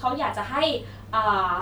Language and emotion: Thai, neutral